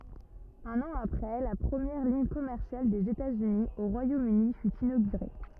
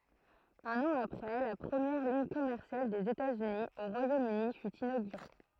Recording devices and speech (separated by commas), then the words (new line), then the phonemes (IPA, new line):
rigid in-ear microphone, throat microphone, read sentence
Un an après, la première ligne commerciale des États-Unis au Royaume-Uni fut inaugurée.
œ̃n ɑ̃ apʁɛ la pʁəmjɛʁ liɲ kɔmɛʁsjal dez etatsyni o ʁwajomøni fy inoɡyʁe